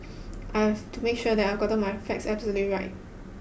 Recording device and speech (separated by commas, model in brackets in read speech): boundary microphone (BM630), read sentence